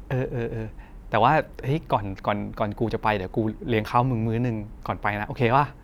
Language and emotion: Thai, happy